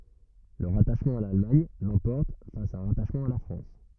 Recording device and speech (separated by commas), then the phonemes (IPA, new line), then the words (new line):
rigid in-ear microphone, read sentence
lə ʁataʃmɑ̃ a lalmaɲ lɑ̃pɔʁt fas a œ̃ ʁataʃmɑ̃ a la fʁɑ̃s
Le rattachement à l'Allemagne l'emporte face à un rattachement à la France.